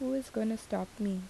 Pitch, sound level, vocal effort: 220 Hz, 76 dB SPL, soft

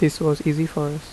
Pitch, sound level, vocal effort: 155 Hz, 79 dB SPL, soft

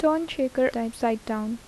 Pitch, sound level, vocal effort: 240 Hz, 80 dB SPL, soft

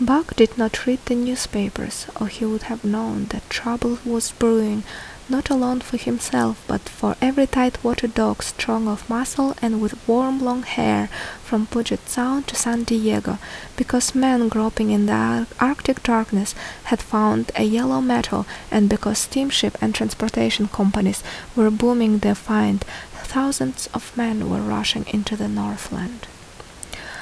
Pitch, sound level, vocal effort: 225 Hz, 71 dB SPL, soft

